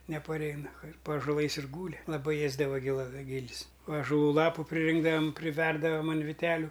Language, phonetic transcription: Lithuanian, nepaˈreina ir pa ažoˈlais ir ˈgūli laˈbai ˈėzdava giˈla ˈgil's ažaˈlų ˈlapu priˈrinkdavam priˈverdavam an viˈteliu

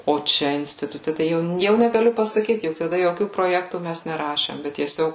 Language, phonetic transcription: Lithuanian, o ˈčia instituˈte tai ˈjau ˈjau negaˈliu pasaˈkyt juk taˈda joˈkių proˈjektų ˈmæs neˈrašėm bet tieˈsiog

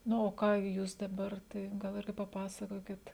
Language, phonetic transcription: Lithuanian, ˈnu o ˈką ˈjūs daˈbar ˈtai gal ˈirgi paˈpasakokit

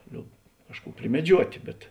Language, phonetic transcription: Lithuanian, ˈliob ˈkažˌkų primeˈdžiuotė bet

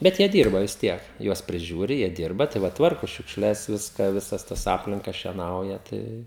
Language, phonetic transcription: Lithuanian, ˈbet jie ˈdyrba vis ˈtiek ˈjuos priˈžiūri jie ˈdyrba tai ˈva ˈtvarku šiukšˈles ˈviską ˈvisas ˈtas ˈaplinka šieˈnauja ˈtai

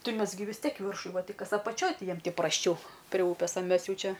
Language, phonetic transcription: Lithuanian, ˈtai ˈmes gi vis ˈtiek i ˈviršu ˈva ˈtai ˈkas apaˈčioj ˈti ˈjiem ti prasˈčiau pre ˈūpės a ˈmes ˈjau ˈčia

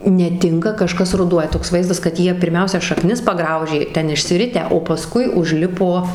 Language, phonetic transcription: Lithuanian, neˈtinka kaˈžkas ruˈduoja toks ˈvaizdas kad ˈjie pirˈmiausia šaˈknis paˈgraužė ˈten išsiˈritę o paˈskui užˈlipo

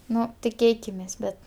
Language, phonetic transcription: Lithuanian, ˈnu tiˈkėkimės ˈbet

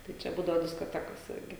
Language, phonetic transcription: Lithuanian, tai ˈčia ˈbūdavo diskoˈtekos ˈirgi

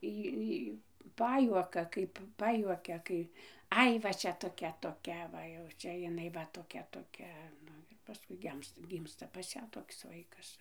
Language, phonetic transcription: Lithuanian, ˈį ˈį ˈpajuoka kaip ˈpajuokia ˈkai ˈai va ˈčia toˈkia toˈkia ˈva jau ˈčia jiˈnai va toˈkia toˈkia ˈnu ir paˈskui ˈgemsta ˈgymsta pas ˈją toks ˈvaikas

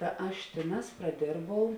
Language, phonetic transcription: Lithuanian, ta ˈaš ˈtėˌnās praˈdėrbau

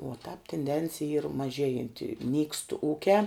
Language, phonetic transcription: Lithuanian, o tāp tinˈdencija yr maˈžėjanti nykst ˈūkiā

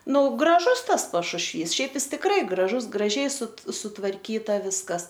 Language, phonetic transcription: Lithuanian, ˈnu graˈžus ˈtas pašušˈvys ˈšiaip ˈjis tikˈrai graˈžus graˈžiai su sutvarˈkyta ˈviskas

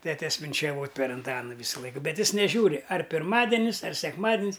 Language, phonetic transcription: Lithuanian, ˈtetes vinčeˈvot' per anˈtanu ˈvysulaik ˈbet ˈjis neˈžiūri ar pirˈmadenis ar sekˈmadin's

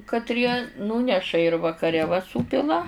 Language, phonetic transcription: Lithuanian, katˈrie ˈnūneša ir vakaˈre va ˈsūpila

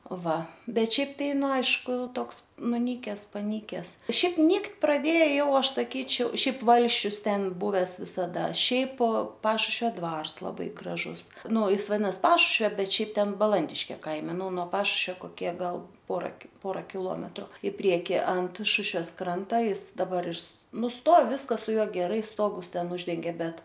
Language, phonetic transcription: Lithuanian, ˈva ˈbet ˈšiaip ˈtai ˈnu ˈaišku ˈtoks nuˈnykes paˈnykes ˈšiaip ˈnyktˈ praˈdėja ˈjau ˈaš saˈkyčiau ˈšiaip ˈvalsčius ˈten ˈbuves visaˈda ˈšiaip ˈpašušvio ˈdvars ˈlabai graˈžus ˈnu ˈjis vaˈdinas ˈpašušvio ˈbet ˈšiaip ˈten baˈlandiškė ˈkaime ˈnu nuo ˈpašušvio koˈkie ˈgal ˈpora ki ˈpora kiˈlometru i ˈprieki ant ˈšušves ˈkranta ˈjis daˈbar iš ˈnu ˈstov ˈviskas su ˈjuo geˈrai ˈstogus ˈten ˈuždengė ˈbet

